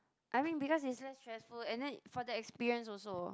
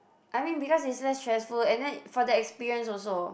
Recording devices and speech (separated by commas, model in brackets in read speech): close-talking microphone, boundary microphone, conversation in the same room